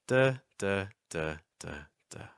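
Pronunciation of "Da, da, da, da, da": The pitch goes down step by step over the five 'da' syllables.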